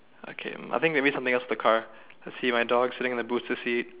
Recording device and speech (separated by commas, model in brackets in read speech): telephone, conversation in separate rooms